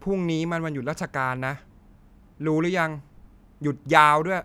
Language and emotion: Thai, angry